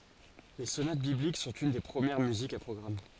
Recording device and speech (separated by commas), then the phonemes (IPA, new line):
forehead accelerometer, read sentence
le sonat biblik sɔ̃t yn de pʁəmjɛʁ myzikz a pʁɔɡʁam